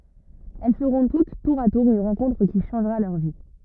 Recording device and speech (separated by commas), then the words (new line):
rigid in-ear microphone, read sentence
Elles feront toutes, tour à tour, une rencontre qui changera leur vie.